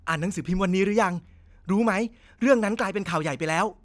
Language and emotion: Thai, neutral